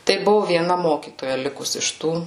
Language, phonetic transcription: Lithuanian, tai ˈbuvu vieˈna ˈmokytoja ˈlikus iš ˈtų

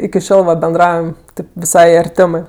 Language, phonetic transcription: Lithuanian, iki ˈšiol va benˈdraujam ˈtip viˈsai arˈtemɜ

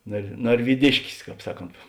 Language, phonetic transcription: Lithuanian, nar narvyˈdiškis ˈkāp ˈsaˌkont

